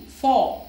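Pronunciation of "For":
In 'for', the r is silent.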